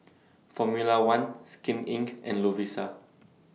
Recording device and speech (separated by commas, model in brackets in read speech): mobile phone (iPhone 6), read sentence